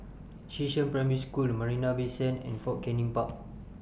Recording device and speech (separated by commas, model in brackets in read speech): boundary microphone (BM630), read sentence